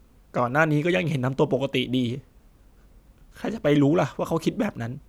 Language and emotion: Thai, sad